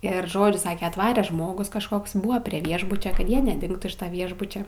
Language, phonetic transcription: Lithuanian, ˈir ˈžodžiu ˈsake atˈvare ˈžmogus kažˈkoks ˈbuva prie ˈviešbuče ˈkad ˈjie neˈdingtų iš ˈviešbuče

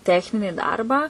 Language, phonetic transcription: Lithuanian, ˈtechnini ˈdarbą

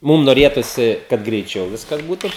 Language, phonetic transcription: Lithuanian, ˈmum noˈrėtusi kad greiˈčiau ˈviskas ˈbūtu

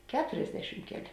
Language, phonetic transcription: Lithuanian, ˈketuriasdešim ˈkeˌlė

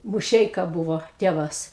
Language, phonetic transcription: Lithuanian, muˈšeika ˈbuvo ˈtėvas

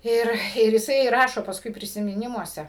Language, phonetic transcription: Lithuanian, ˈir ir jiˈsai ˈrašo pasˈkui prisimiˈnimuose

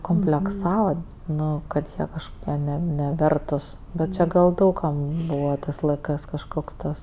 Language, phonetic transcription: Lithuanian, komplekˈsava ˈnu kad ˈjie kažkoˈkie ne neˈvertus bet ˈčė gal ˈdaug kam ˈbūva ˈtɜs laiˈkɜs kažˈkoks ˈtas

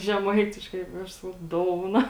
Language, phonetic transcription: Lithuanian, žeˈmaitiškai i ˈaš ˈsakau ˈdouna

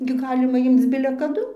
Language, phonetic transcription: Lithuanian, gi ˈgalima ˈimc bile kaˈdu

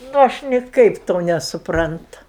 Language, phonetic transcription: Lithuanian, nu ˈaš niˈkaip ˈto nesupˈrantu

